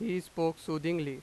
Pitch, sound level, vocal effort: 165 Hz, 91 dB SPL, loud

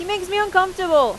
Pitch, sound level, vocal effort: 370 Hz, 95 dB SPL, very loud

